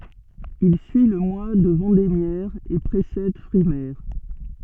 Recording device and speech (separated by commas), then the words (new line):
soft in-ear microphone, read sentence
Il suit le mois de vendémiaire et précède frimaire.